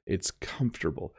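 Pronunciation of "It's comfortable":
In 'comfortable', the m and f slide together, and the syllables are not all fully pronounced.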